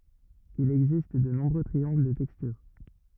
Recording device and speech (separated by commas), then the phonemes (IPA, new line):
rigid in-ear microphone, read sentence
il ɛɡzist də nɔ̃bʁø tʁiɑ̃ɡl də tɛkstyʁ